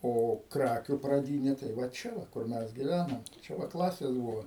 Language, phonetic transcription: Lithuanian, ˈo ˈkrakiu praˈdynė tai va ˈčia va kur ˈmes giˈvænam ˈčia va ˈklasės ˈbuvo

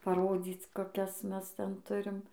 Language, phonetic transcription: Lithuanian, paˈrodzyc koˈkias ˈmes ˈten ˈturim

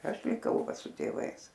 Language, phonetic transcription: Lithuanian, ˈaš liˈkau ˈva su tėˈvais

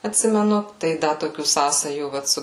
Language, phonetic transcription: Lithuanian, atˈsimenu tai ˈda toˈkių ˈsąsajų ˈvat su

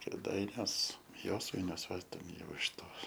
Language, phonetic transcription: Lithuanian, kėˈdainiuos ˈjosvainiuos ˈva ˈjau iš ˈtos

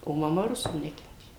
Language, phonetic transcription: Lithuanian, o maˈma ˈrusų ˈnekentė

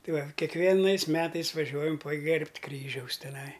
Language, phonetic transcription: Lithuanian, ˈtai ˈva kiekˈvienais ˈmetais vaˈžiuojam paˈgerbt' ˈkryžiaus teˈnai

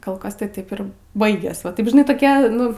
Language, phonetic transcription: Lithuanian, kol ˈkas tai ˈtaip ir ˈbaigės va ˈtaip žiˈnai toˈkia ˈnu

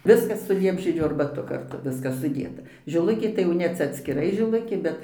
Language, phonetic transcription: Lithuanian, ˈviskas su ˈliepžiedžių arbaˈtu karˈtu ˈviskas suˈdėta žiˈlukė tai jau ˈne ˈcia atskiˈrai žiˈlukė ˈbet

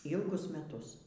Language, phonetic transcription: Lithuanian, ˈylgus meˈtus

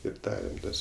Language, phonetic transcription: Lithuanian, ir ˈdarem ˈtas

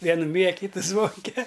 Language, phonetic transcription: Lithuanian, ˈvienu myja a ˈkytu ˈzvonke

